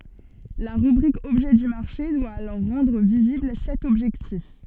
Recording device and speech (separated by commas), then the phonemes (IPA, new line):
soft in-ear microphone, read sentence
la ʁybʁik ɔbʒɛ dy maʁʃe dwa alɔʁ ʁɑ̃dʁ vizibl sɛt ɔbʒɛktif